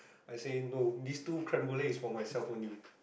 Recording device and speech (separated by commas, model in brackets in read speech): boundary microphone, conversation in the same room